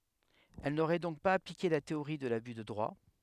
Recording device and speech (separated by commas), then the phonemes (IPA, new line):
headset microphone, read sentence
ɛl noʁɛ dɔ̃k paz aplike la teoʁi də laby də dʁwa